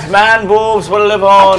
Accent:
scottish accent